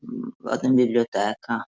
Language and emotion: Italian, disgusted